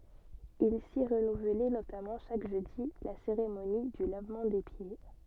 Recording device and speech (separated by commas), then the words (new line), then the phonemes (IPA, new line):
soft in-ear microphone, read sentence
Il s'y renouvelait notamment chaque jeudi la cérémonie du lavement des pieds.
il si ʁənuvlɛ notamɑ̃ ʃak ʒødi la seʁemoni dy lavmɑ̃ de pje